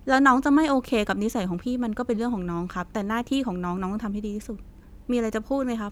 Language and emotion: Thai, frustrated